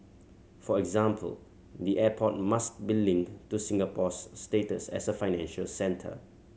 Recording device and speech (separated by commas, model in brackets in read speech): mobile phone (Samsung C7100), read sentence